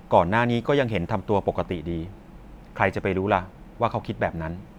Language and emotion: Thai, neutral